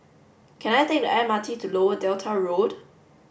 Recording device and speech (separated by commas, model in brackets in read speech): boundary microphone (BM630), read sentence